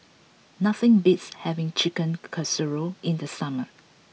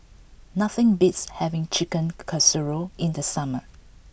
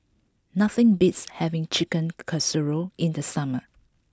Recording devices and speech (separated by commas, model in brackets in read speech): mobile phone (iPhone 6), boundary microphone (BM630), close-talking microphone (WH20), read sentence